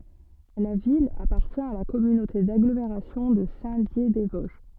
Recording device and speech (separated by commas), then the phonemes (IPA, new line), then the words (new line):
soft in-ear microphone, read sentence
la vil apaʁtjɛ̃ a la kɔmynote daɡlomeʁasjɔ̃ də sɛ̃tdjedɛzvɔzʒ
La ville appartient à la communauté d'agglomération de Saint-Dié-des-Vosges.